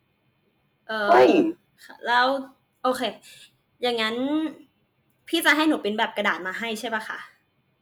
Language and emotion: Thai, frustrated